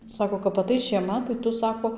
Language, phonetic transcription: Lithuanian, ˈsako kap aˈtais žieˈma tai ˈtu ˈsako

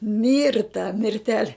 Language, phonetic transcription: Lithuanian, ˈmirta mirˈtele

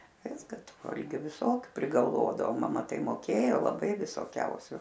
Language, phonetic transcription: Lithuanian, ˈviska ˈtu ˈvalgiu viˈsokiu prigalˈvodavo ˈmama tai moˈkėjo laˈbai visoˈkiausiu

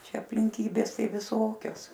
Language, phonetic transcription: Lithuanian, ˈčia aplinˈkybės ˈtai viˈsokios

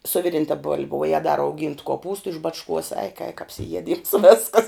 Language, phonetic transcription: Lithuanian, su ˈviˌrinta bolb' vuo ˈjegu da rauˈgyntu koˈpūstu iš ˈbačˌkuos eik eik apsiˈjieˌdyms ˈveskas

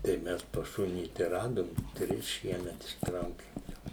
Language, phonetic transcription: Lithuanian, tai ˈmes pas ˈšunį tai ˈradom ˈtris ˈšiemet išˈtraukim jau

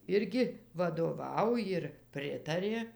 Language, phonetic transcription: Lithuanian, ˈirgi vadoˈvau jir ˈpritarė

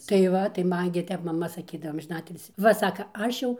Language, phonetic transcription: Lithuanian, tai ˈva tai ˈman gi ˈtep maˈma saˈkydavo amžiˈnatilsį ˈva ˈsaka ˈaš jau

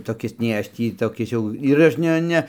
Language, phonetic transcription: Lithuanian, toˈkis nei ˈaš ˈtį toˈkis jau ir ˈaš ˈne ˈne

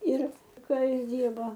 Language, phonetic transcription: Lithuanian, ˈir ˈka ˈjis ˈdyrbo

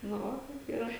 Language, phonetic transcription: Lithuanian, nu ˈva kaip yˈra

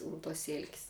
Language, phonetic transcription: Lithuanian, un tuos ˈsėl'k's'

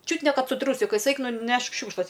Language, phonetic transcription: Lithuanian, ˈčiut ne ˈkad su ˈtrūsikais ˈeik nuˈnešk ˈšiūkšlas

